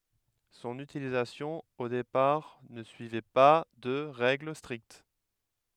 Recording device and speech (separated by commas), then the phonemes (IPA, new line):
headset microphone, read sentence
sɔ̃n ytilizasjɔ̃ o depaʁ nə syivɛ pa də ʁɛɡl stʁikt